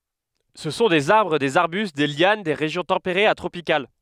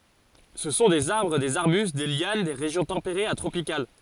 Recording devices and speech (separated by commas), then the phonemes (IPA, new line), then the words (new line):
headset microphone, forehead accelerometer, read sentence
sə sɔ̃ dez aʁbʁ dez aʁbyst de ljan de ʁeʒjɔ̃ tɑ̃peʁez a tʁopikal
Ce sont des arbres, des arbustes, des lianes des régions tempérées à tropicales.